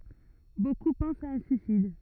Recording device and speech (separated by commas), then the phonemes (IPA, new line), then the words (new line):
rigid in-ear microphone, read sentence
boku pɑ̃st a œ̃ syisid
Beaucoup pensent à un suicide.